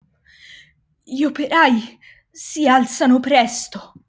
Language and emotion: Italian, fearful